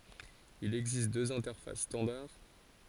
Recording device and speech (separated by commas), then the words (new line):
forehead accelerometer, read sentence
Il existe deux interfaces standard.